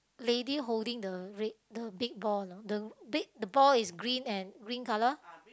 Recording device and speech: close-talking microphone, conversation in the same room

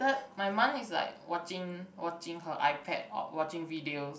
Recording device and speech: boundary microphone, conversation in the same room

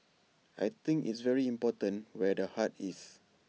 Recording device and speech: mobile phone (iPhone 6), read sentence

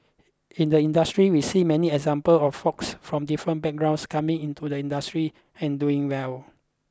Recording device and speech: close-talking microphone (WH20), read sentence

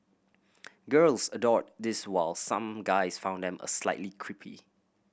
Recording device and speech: boundary microphone (BM630), read sentence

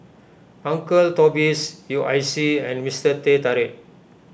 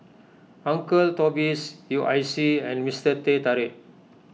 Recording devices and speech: boundary microphone (BM630), mobile phone (iPhone 6), read sentence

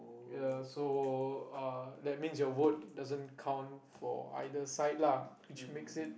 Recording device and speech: boundary microphone, conversation in the same room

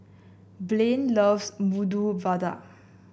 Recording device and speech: boundary microphone (BM630), read sentence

